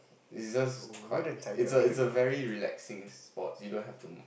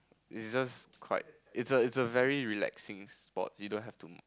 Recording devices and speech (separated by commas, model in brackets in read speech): boundary microphone, close-talking microphone, conversation in the same room